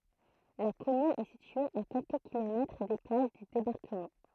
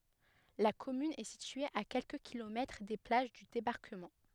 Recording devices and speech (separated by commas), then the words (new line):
throat microphone, headset microphone, read sentence
La commune est située à quelques kilomètres des plages du débarquement.